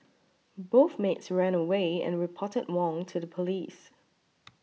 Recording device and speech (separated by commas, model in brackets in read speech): mobile phone (iPhone 6), read sentence